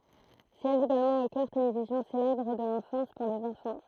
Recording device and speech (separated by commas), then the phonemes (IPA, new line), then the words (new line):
throat microphone, read sentence
sjɛʒ eɡalmɑ̃ o kœʁ televizjɔ̃ selɛbʁ də lɑ̃fɑ̃s puʁ lez ɑ̃fɑ̃
Siège également au Chœur télévision célèbre de l'enfance pour les enfants.